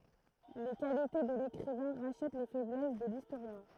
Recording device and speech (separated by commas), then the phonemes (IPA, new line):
throat microphone, read sentence
le kalite də lekʁivɛ̃ ʁaʃɛt le fɛblɛs də listoʁjɛ̃